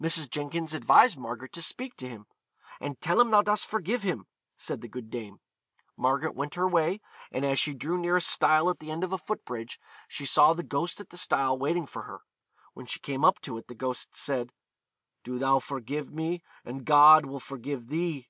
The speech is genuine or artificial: genuine